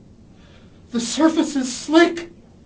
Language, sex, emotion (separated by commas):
English, male, fearful